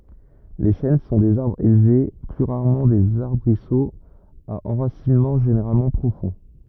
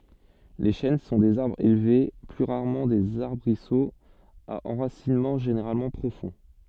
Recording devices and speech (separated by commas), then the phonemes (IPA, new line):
rigid in-ear microphone, soft in-ear microphone, read sentence
le ʃɛn sɔ̃ dez aʁbʁz elve ply ʁaʁmɑ̃ dez aʁbʁisoz a ɑ̃ʁasinmɑ̃ ʒeneʁalmɑ̃ pʁofɔ̃